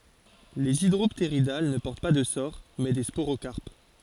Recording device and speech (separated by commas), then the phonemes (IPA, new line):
forehead accelerometer, read sentence
lez idʁɔptʁidal nə pɔʁt pa də soʁ mɛ de spoʁokaʁp